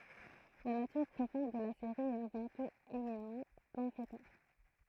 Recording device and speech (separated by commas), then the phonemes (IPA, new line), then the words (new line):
throat microphone, read sentence
la natyʁ pʁofɔ̃d də la seʁi ɛt avɑ̃ tut eminamɑ̃ pɑ̃fletɛʁ
La nature profonde de la série est avant tout éminemment pamphlétaire.